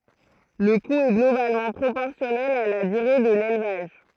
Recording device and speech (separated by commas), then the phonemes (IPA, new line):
throat microphone, read sentence
lə ku ɛ ɡlobalmɑ̃ pʁopɔʁsjɔnɛl a la dyʁe də lelvaʒ